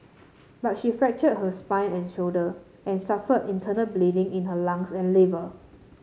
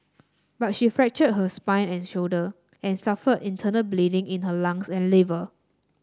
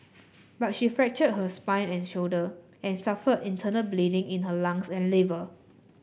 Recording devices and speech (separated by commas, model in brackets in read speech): mobile phone (Samsung C7), standing microphone (AKG C214), boundary microphone (BM630), read sentence